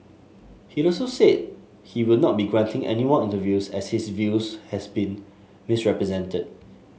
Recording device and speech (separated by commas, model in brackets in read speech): mobile phone (Samsung S8), read sentence